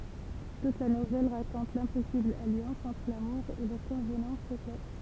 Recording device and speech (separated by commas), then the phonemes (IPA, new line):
temple vibration pickup, read sentence
tut la nuvɛl ʁakɔ̃t lɛ̃pɔsibl aljɑ̃s ɑ̃tʁ lamuʁ e le kɔ̃vnɑ̃s sosjal